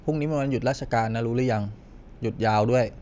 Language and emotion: Thai, neutral